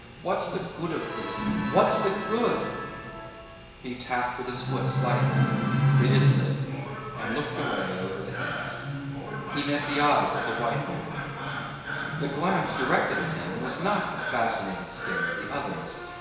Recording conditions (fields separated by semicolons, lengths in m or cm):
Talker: one person; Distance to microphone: 1.7 m; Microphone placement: close; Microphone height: 1.0 m; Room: very reverberant, large; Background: television